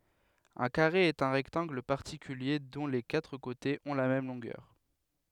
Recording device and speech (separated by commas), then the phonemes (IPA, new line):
headset microphone, read sentence
œ̃ kaʁe ɛt œ̃ ʁɛktɑ̃ɡl paʁtikylje dɔ̃ le katʁ kotez ɔ̃ la mɛm lɔ̃ɡœʁ